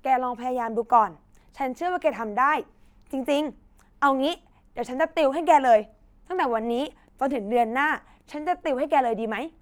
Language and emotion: Thai, neutral